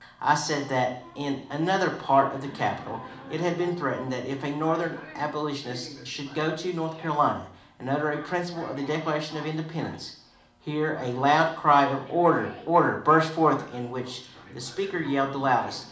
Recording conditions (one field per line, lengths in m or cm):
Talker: one person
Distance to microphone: 2.0 m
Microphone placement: close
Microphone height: 99 cm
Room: medium-sized (5.7 m by 4.0 m)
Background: television